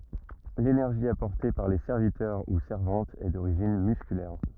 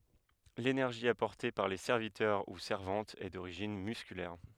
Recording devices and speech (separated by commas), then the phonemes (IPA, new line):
rigid in-ear microphone, headset microphone, read sentence
lenɛʁʒi apɔʁte paʁ le sɛʁvitœʁ u sɛʁvɑ̃tz ɛ doʁiʒin myskylɛʁ